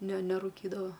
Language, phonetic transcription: Lithuanian, ne neruˈkydava

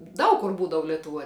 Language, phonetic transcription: Lithuanian, ˈdaug kur ˈbūdavu letuˈvuoj

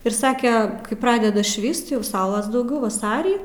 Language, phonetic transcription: Lithuanian, ir ˈsake ˈkai ˈpradeda ˈšvyst jau ˈsaulas dauˈgiau vaˈsarį

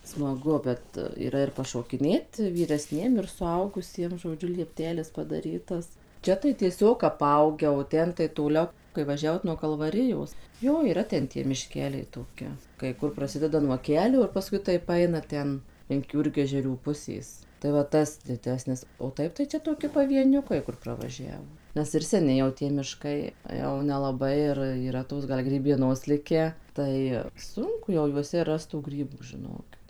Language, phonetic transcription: Lithuanian, smaˈgu ˈbet yˈra ir pašokiˈnėt vyresˈniem ir suˈaugusiem žoˈdžiu liepˈtelis padaˈrytas ˈčia tai tieˈsiog aˈpaugę o ˈten tai toˈlio kai vaˈžiavot nuo kalvaˈrijos ˈjo yˈra ˈten tie miˈškeliai toˈki kai ˈkur praˈsideda nuo ˈkelio ir paˈskui ˈtaip ˈaina ˈten link ˈjūrgežerių ˈpusės tai va ˈtas diˈdesnis o ˈtaip tai ˈčia toˈki pavieˈniukai kur pravaˈžiavo ˈnes ir seˈni jau ˈtie mišˈkai jau nelaˈbai ir yˈra ˈtos ˈgal grybieˈnos ˈlikę ˈtai ˈsunku jau juoˈse ˈrast tų ˈgrybų žiˈnokit

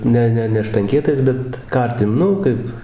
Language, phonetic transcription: Lithuanian, ˈne ˈne ne štanˈkietais ˈbet ˈkartim ˈnu kaip

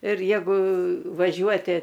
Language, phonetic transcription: Lithuanian, ir ˈjegu vaˈžiuoti

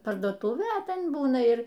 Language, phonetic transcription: Lithuanian, parduoˈtūvė a ˈten ˈbūna ˈir

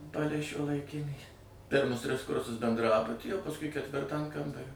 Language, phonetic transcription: Lithuanian, ˈpalei šiuolaiˈkinį ˈpirmus ˈtris ˈkursus bendˈrabuty o pasˈkui ketˈvirtą an ˈkambario

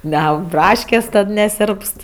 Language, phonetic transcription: Lithuanian, neˈaug ˈbraškės' ˈtad neˈsėrpst

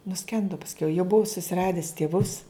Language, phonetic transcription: Lithuanian, nuˈskendu pasˈkiau jau ˈbuu susiˈradis tėˈvus

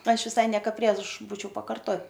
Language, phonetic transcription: Lithuanian, ˈaš viˈsai ˈnieko ˈprieš ˈbūčiau pakarˈto

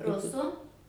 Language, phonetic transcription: Lithuanian, ˈrusu

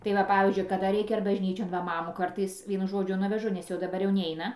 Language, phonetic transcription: Lithuanian, tai ˈva ˈpavyzdžiui kaˈda ˈreikia ar bažˈnyčion ˈva ˈmamųˈkartais ˈvienu ˈžodžiu ˈnuvežu nes jau daˈbar jau ˈneina

